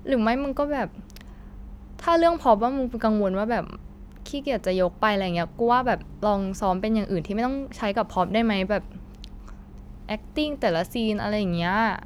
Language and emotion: Thai, frustrated